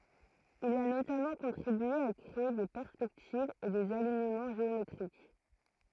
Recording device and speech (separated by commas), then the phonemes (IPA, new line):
throat microphone, read sentence
il a notamɑ̃ kɔ̃tʁibye a kʁee de pɛʁspɛktivz e dez aliɲəmɑ̃ ʒeometʁik